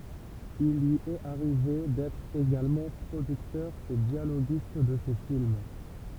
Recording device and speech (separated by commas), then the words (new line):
temple vibration pickup, read sentence
Il lui est arrivé d'être également producteur et dialoguiste de ses films.